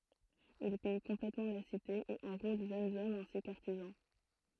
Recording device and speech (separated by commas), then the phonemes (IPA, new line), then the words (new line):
throat microphone, read sentence
il pij kɔ̃plɛtmɑ̃ la site e ɑ̃ʁol ʒønz ɔmz ɛ̃si kə aʁtizɑ̃
Il pille complètement la cité et enrôle jeunes hommes ainsi que artisans.